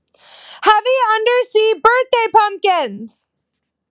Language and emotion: English, neutral